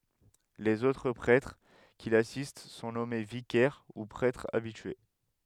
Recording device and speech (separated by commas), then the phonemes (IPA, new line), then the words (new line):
headset microphone, read sentence
lez otʁ pʁɛtʁ ki lasist sɔ̃ nɔme vikɛʁ u pʁɛtʁz abitye
Les autres prêtres qui l'assistent sont nommés vicaires, ou prêtres habitués.